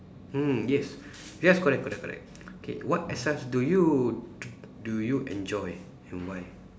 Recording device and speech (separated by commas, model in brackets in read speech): standing microphone, conversation in separate rooms